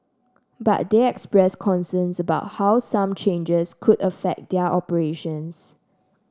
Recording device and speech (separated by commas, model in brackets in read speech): standing microphone (AKG C214), read sentence